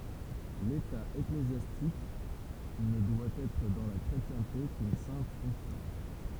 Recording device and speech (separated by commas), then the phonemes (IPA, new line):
temple vibration pickup, read sentence
leta eklezjastik nə dwa ɛtʁ dɑ̃ la kʁetjɛ̃te kyn sɛ̃t fɔ̃ksjɔ̃